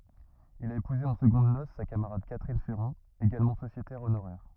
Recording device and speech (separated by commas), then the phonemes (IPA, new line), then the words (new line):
rigid in-ear microphone, read sentence
il a epuze ɑ̃ səɡɔ̃d nos sa kamaʁad katʁin fɛʁɑ̃ eɡalmɑ̃ sosjetɛʁ onoʁɛʁ
Il a épousé en secondes noces sa camarade Catherine Ferran, également sociétaire honoraire.